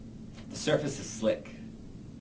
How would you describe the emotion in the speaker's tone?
neutral